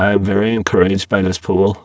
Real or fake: fake